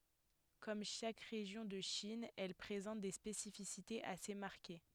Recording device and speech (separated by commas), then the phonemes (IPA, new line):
headset microphone, read sentence
kɔm ʃak ʁeʒjɔ̃ də ʃin ɛl pʁezɑ̃t de spesifisitez ase maʁke